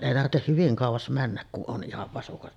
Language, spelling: Finnish, ei tarvitse hyvin kauas mennä kun on ihan vasukat -
- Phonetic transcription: 'èi tartteh hyviŋ kàuvas 'männäk kun ˀon 'ˀihav vasukat ('?') .

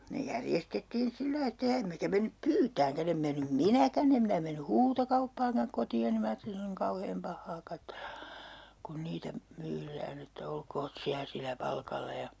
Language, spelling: Finnish, ne järjestettiin sillä lailla että ja emmekä mennyt pyytämäänkään en mennyt minäkään en minä mennyt huutokauppaankaan kotiini minä ajattelin se on niin kauhean pahaa katsella kun niitä myydään että olkoot siellä sillä palkalla ja
- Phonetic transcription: ne 'järjestettiin 'sillai että ja 'emmekä mennyp "pyytääŋkä'n ‿em mennym "minäkä'n ‿em minä menny "huutokauppaaŋkaŋ koti₍oni 'minä aattelin 'se on niŋ 'kauheem 'pahhaa 'kattelA , kun 'niitä , 'myyrään ‿että 'olkoot "siä silä 'palkalla ja , .

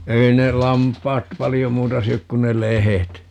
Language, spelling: Finnish, ei ne lampaat paljon muuta syö kuin ne lehdet
- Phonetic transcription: 'ei ne 'lamp̀aat "palijo 'muuta 'syök kun ne "lehet .

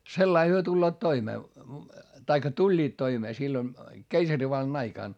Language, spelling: Finnish, sillä lailla he tulevat toimeen tai tulivat toimeen silloin keisarivallan aikana
- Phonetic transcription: sellai hyö tulloot toimee , taikka tuĺĺiit toimee sillon , keisarivallan aikàn .

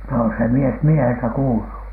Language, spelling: Finnish, no se mies mieheltä kuului
- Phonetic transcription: no se 'mies 'mieheltä "kuulu .

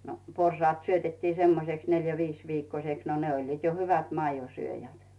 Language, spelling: Finnish, no porsaat syötettiin semmoiseksi neljä viisi viikkoiseksi no ne olivat jo hyvät maidonsyöjät
- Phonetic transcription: no 'porsaat 'syötettii semmoseks 'neljä 'viis viikkośeks no ne oĺliit jo "hyvät 'maijosyöjät .

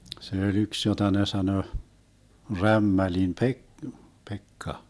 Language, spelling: Finnish, se oli yksi jota ne sanoi Rämmälin - Pekka
- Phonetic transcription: 'se öĺ 'yks jota ne 'sanö , "Rämmälim Pe- , 'Pekka .

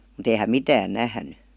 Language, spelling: Finnish, mutta ei hän mitään nähnyt
- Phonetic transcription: mut ‿ei häm "mitään 'nähny .

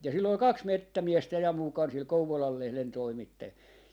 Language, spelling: Finnish, ja sillä oli kaksi metsämiestä ja mukana sillä Kouvolan lehden toimittajalla
- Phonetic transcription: ja sill ‿ol "kaks "mettämiestä ja 'mukan sil 'Kouvolal 'lehlen 'toimittajal .

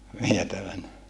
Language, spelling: Finnish, vietävänä
- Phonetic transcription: vietävän(ä) .

